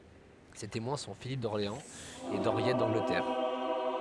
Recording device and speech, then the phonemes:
headset microphone, read sentence
se temwɛ̃ sɔ̃ filip dɔʁleɑ̃z e dɑ̃ʁjɛt dɑ̃ɡlətɛʁ

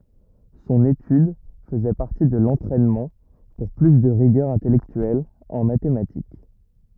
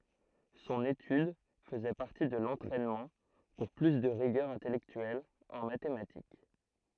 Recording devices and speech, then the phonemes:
rigid in-ear microphone, throat microphone, read sentence
sɔ̃n etyd fəzɛ paʁti də lɑ̃tʁɛnmɑ̃ puʁ ply də ʁiɡœʁ ɛ̃tɛlɛktyɛl ɑ̃ matematik

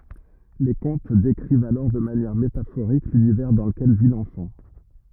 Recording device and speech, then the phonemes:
rigid in-ear microphone, read sentence
le kɔ̃t dekʁivt alɔʁ də manjɛʁ metafoʁik lynivɛʁ dɑ̃ ləkɛl vi lɑ̃fɑ̃

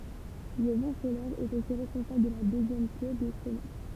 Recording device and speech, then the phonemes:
temple vibration pickup, read sentence
lə vɑ̃ solɛʁ ɛt osi ʁɛspɔ̃sabl də la døzjɛm kø de komɛt

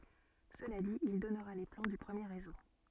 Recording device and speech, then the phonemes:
soft in-ear microphone, read sentence
səla dit il dɔnʁa le plɑ̃ dy pʁəmje ʁezo

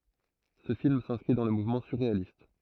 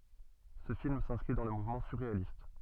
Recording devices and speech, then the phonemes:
throat microphone, soft in-ear microphone, read sentence
sə film sɛ̃skʁi dɑ̃ lə muvmɑ̃ syʁʁealist

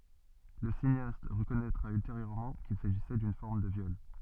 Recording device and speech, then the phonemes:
soft in-ear microphone, read sentence
lə sineast ʁəkɔnɛtʁa ylteʁjøʁmɑ̃ kil saʒisɛ dyn fɔʁm də vjɔl

